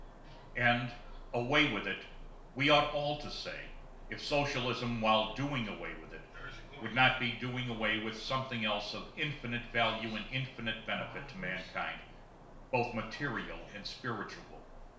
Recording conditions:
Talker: one person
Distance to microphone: 1.0 m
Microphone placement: close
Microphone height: 1.1 m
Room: small (3.7 m by 2.7 m)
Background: television

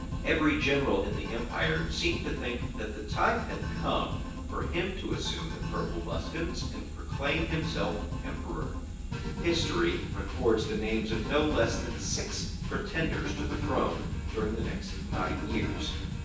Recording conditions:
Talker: one person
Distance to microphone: 9.8 m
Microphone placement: far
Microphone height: 1.8 m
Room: large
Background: music

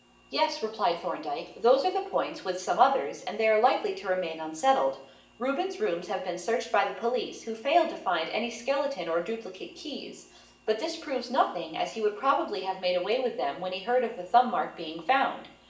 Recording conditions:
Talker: one person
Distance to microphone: 1.8 m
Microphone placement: close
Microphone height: 1.0 m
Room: large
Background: none

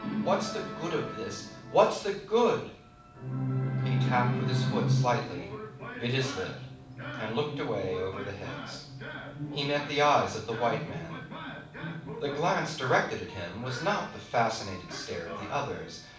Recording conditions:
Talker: one person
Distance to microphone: 5.8 m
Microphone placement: far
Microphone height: 1.8 m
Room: medium-sized (5.7 m by 4.0 m)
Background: television

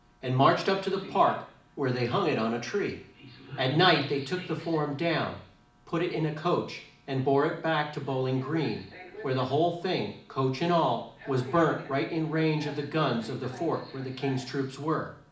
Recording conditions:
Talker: one person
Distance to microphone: 2.0 m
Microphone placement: close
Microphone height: 99 cm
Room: medium-sized (5.7 m by 4.0 m)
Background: television

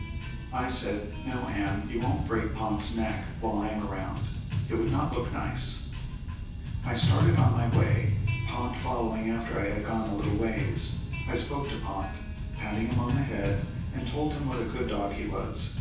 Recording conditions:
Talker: one person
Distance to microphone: 9.8 m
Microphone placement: far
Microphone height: 1.8 m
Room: large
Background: music

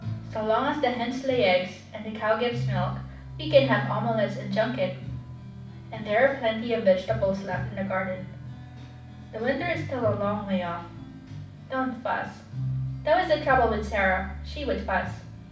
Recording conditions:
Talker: one person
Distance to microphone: 5.8 m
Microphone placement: far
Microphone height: 1.8 m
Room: medium-sized (5.7 m by 4.0 m)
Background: music

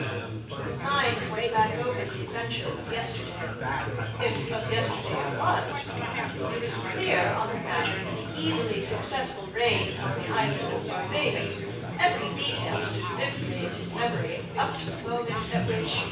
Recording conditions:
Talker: one person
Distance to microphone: 9.8 m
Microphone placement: far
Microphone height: 1.8 m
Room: large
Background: babble

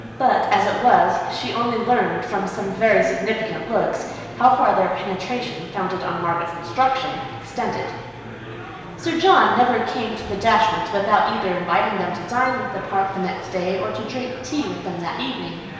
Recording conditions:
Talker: one person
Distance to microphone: 1.7 m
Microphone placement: close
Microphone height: 1.0 m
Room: very reverberant, large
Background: babble

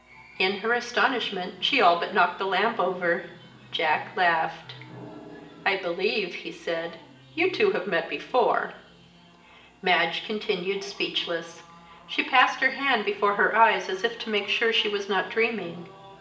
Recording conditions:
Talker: one person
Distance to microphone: 1.8 m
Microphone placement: close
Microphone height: 1.0 m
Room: large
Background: television

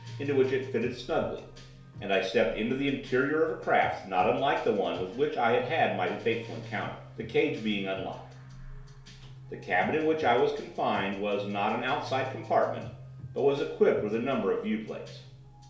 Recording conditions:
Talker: one person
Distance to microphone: 1.0 m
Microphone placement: close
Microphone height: 1.1 m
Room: small (3.7 m by 2.7 m)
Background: music

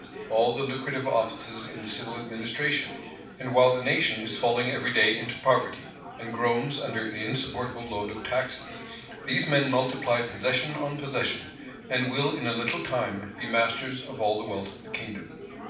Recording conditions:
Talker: one person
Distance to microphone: 5.8 m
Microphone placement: far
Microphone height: 1.8 m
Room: medium-sized (5.7 m by 4.0 m)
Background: babble

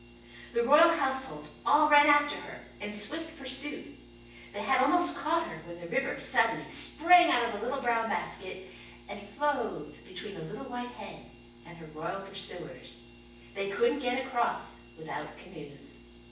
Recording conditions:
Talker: one person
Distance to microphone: 9.8 m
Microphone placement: far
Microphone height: 1.8 m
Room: large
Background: none

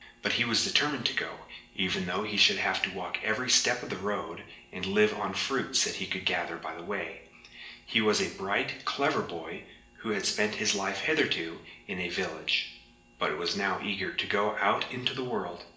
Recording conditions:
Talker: one person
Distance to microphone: 1.8 m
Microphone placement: close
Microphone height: 1.0 m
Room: large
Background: none

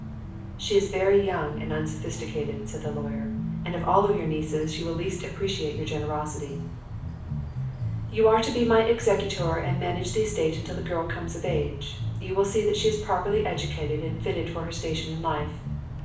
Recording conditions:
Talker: one person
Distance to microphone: 5.8 m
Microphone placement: far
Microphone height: 1.8 m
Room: medium-sized (5.7 m by 4.0 m)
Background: music

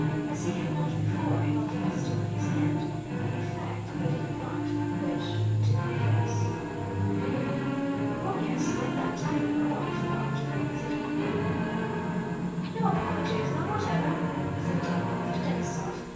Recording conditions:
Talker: one person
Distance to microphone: 9.8 m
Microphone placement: far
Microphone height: 1.8 m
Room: large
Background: television

